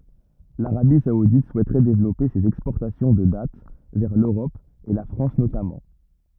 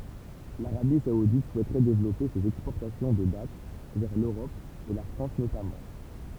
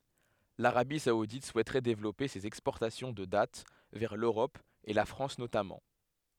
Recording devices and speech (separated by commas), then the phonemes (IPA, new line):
rigid in-ear microphone, temple vibration pickup, headset microphone, read sentence
laʁabi saudit suɛtʁɛ devlɔpe sez ɛkspɔʁtasjɔ̃ də dat vɛʁ løʁɔp e la fʁɑ̃s notamɑ̃